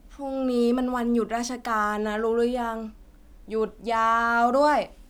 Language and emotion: Thai, frustrated